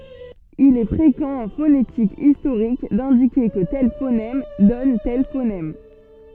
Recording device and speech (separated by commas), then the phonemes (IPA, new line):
soft in-ear microphone, read sentence
il ɛ fʁekɑ̃ ɑ̃ fonetik istoʁik dɛ̃dike kə tɛl fonɛm dɔn tɛl fonɛm